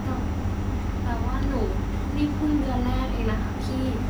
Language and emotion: Thai, frustrated